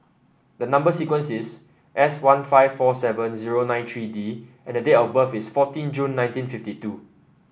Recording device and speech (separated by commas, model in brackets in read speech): boundary microphone (BM630), read sentence